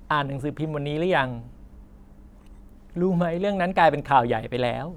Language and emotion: Thai, happy